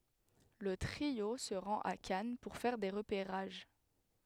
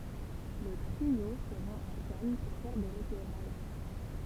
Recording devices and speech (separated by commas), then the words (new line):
headset microphone, temple vibration pickup, read sentence
Le trio se rend à Cannes pour faire des repérages.